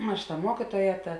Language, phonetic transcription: Lithuanian, ˈaš ta ˈmuokytuoja ˈta

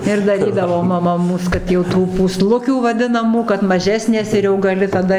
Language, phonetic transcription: Lithuanian, ir daˈrydavo maˈma ˈmūs kad jau ˈtų pūˈslukių vaˈdinamų kad maˈžesnės ir jau gaˈli taˈda

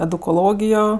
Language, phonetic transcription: Lithuanian, edukoˈlogijo

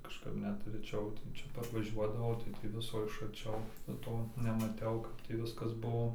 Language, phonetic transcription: Lithuanian, kažˈkap ˈnet reˈčiau ten ˈčia parvaˈžiuodavau tai tį ˈviso iš arˈčiau nu ˈto nemaˈtiau ˈkap tį ˈviskas ˈbuo

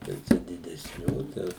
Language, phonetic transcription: Lithuanian, jau ˈčia didesˈnių tai ˈjau

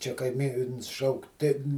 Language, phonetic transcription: Lithuanian, ˈčia kaiˈmyns ˈšauk tin

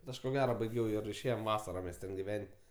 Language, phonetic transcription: Lithuanian, bet ˈaš ko ˈgera baiˈgiau ir išˈėjom ˈvasara mes ˈten giˈven't'

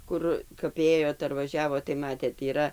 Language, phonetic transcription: Lithuanian, ˈkur kap ˈėjot ar vaˈžiavot tai ˈmatėt yˈra

